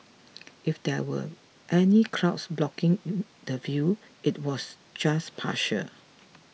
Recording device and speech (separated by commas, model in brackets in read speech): mobile phone (iPhone 6), read sentence